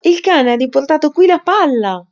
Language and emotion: Italian, surprised